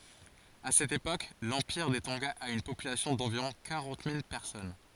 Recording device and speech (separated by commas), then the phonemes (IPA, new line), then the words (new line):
forehead accelerometer, read sentence
a sɛt epok lɑ̃piʁ de tɔ̃ɡa a yn popylasjɔ̃ dɑ̃viʁɔ̃ kaʁɑ̃t mil pɛʁsɔn
À cette époque, l’empire des Tonga a une population d’environ quarante mille personnes.